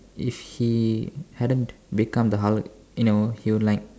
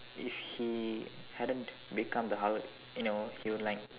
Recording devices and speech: standing microphone, telephone, conversation in separate rooms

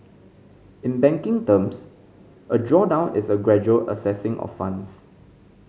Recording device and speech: mobile phone (Samsung C5010), read sentence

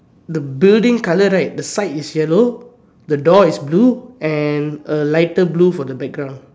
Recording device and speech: standing microphone, conversation in separate rooms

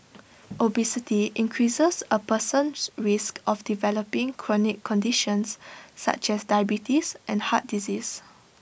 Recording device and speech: boundary microphone (BM630), read sentence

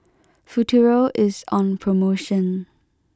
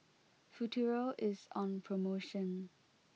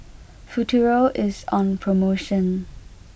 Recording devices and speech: close-talking microphone (WH20), mobile phone (iPhone 6), boundary microphone (BM630), read sentence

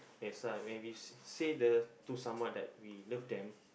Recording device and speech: boundary microphone, conversation in the same room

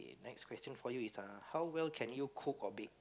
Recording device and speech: close-talking microphone, conversation in the same room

